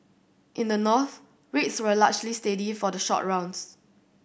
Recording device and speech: boundary microphone (BM630), read sentence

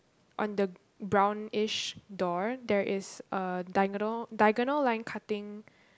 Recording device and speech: close-talking microphone, conversation in the same room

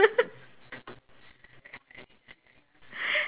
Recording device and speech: telephone, conversation in separate rooms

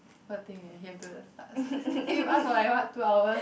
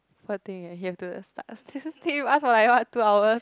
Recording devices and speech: boundary microphone, close-talking microphone, conversation in the same room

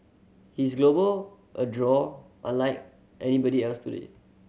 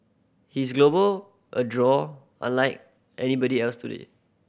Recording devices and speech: mobile phone (Samsung C7100), boundary microphone (BM630), read sentence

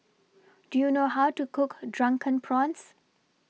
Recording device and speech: mobile phone (iPhone 6), read sentence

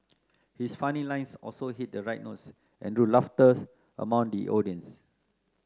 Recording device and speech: close-talking microphone (WH30), read sentence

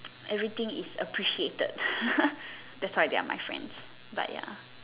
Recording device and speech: telephone, conversation in separate rooms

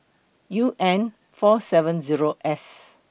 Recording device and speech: boundary microphone (BM630), read sentence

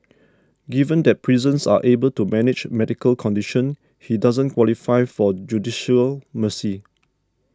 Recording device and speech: standing microphone (AKG C214), read sentence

